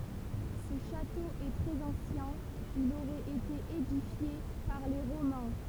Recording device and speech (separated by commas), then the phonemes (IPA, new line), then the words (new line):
temple vibration pickup, read sentence
sə ʃato ɛ tʁɛz ɑ̃sjɛ̃ il oʁɛt ete edifje paʁ le ʁomɛ̃
Ce château est très ancien, il aurait été édifié par les Romains.